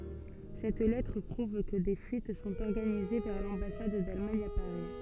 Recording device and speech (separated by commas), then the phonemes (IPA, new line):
soft in-ear microphone, read sentence
sɛt lɛtʁ pʁuv kə de fyit sɔ̃t ɔʁɡanize vɛʁ lɑ̃basad dalmaɲ a paʁi